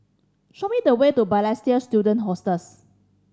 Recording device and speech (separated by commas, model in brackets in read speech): standing microphone (AKG C214), read sentence